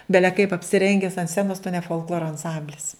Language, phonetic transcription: Lithuanian, ˈbele kaip apsiˈrenges ant ˈscenos tu ne folˈkloro anˈsamblis

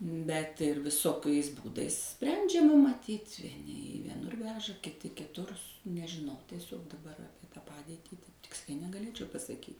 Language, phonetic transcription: Lithuanian, ˈbet viˈsokais ˈbūdais ˈsprendžiama maˈtyt' vieˈni į vieˈnur ˈveža kiˈti kiˈtur nežiˈnau tieˈsiog daˈbar ˈapie tą ˈpadėtį taip ˈtiksliai negaˈlėčiau pasaˈkyt'

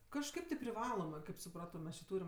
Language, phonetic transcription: Lithuanian, kažˈkaip ti priˈvalomɜ kaip suˈprato ˈmes či ˈtūrim

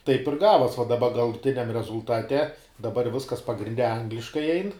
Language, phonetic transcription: Lithuanian, taip ir ˈgavos va daˈba galuˈtiniam rezulˈtate daˈbar ˈviskas pagrinˈde ˈangliškai ˈein

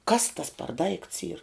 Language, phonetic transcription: Lithuanian, ˈkas tas par daikts yr

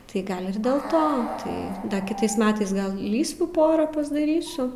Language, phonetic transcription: Lithuanian, tai ˈgal' ir dėl ˈto tai ˈda kiˈtais ˈmetais ˈgal ˈlysvių ˈpora pasdaˈrysiu

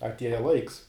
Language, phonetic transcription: Lithuanian, atˈieja ˈlaiks

